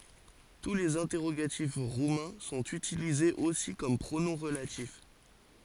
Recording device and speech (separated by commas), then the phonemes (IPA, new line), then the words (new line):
forehead accelerometer, read sentence
tu lez ɛ̃tɛʁoɡatif ʁumɛ̃ sɔ̃t ytilizez osi kɔm pʁonɔ̃ ʁəlatif
Tous les interrogatifs roumains sont utilisés aussi comme pronoms relatifs.